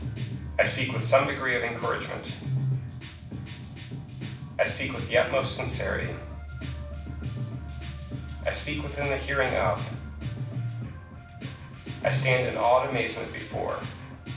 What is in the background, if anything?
Music.